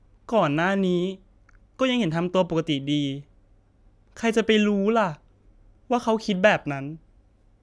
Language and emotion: Thai, frustrated